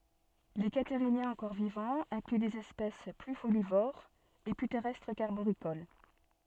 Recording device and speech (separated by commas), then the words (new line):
soft in-ear microphone, read sentence
Les Catarhiniens encore vivants incluent des espèces plus folivores et plus terrestres qu'arboricoles.